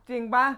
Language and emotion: Thai, happy